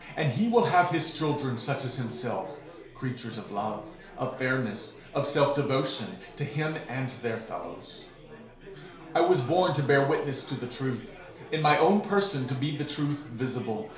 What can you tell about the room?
A small space (about 3.7 m by 2.7 m).